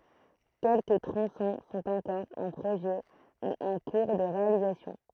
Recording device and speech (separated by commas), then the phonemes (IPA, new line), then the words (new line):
throat microphone, read sentence
kɛlkə tʁɔ̃sɔ̃ sɔ̃t ɑ̃kɔʁ ɑ̃ pʁoʒɛ u ɑ̃ kuʁ də ʁealizasjɔ̃
Quelques tronçons sont encore en projet ou en cours de réalisation.